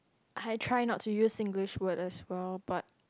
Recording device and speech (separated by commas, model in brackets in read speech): close-talking microphone, conversation in the same room